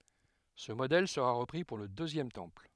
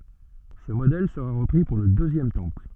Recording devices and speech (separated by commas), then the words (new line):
headset microphone, soft in-ear microphone, read sentence
Ce modèle sera repris pour le Deuxième Temple.